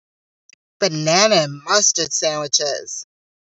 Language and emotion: English, disgusted